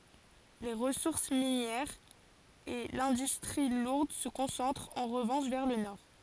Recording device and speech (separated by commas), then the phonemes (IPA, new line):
forehead accelerometer, read sentence
le ʁəsuʁs minjɛʁz e lɛ̃dystʁi luʁd sə kɔ̃sɑ̃tʁt ɑ̃ ʁəvɑ̃ʃ vɛʁ lə nɔʁ